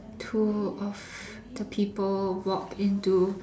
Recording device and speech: standing microphone, conversation in separate rooms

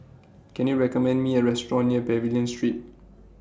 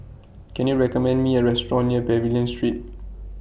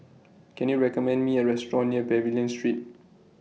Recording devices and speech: standing microphone (AKG C214), boundary microphone (BM630), mobile phone (iPhone 6), read sentence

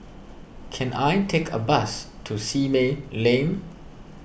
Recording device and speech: boundary microphone (BM630), read sentence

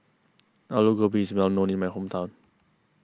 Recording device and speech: close-talking microphone (WH20), read sentence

